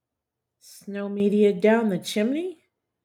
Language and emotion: English, sad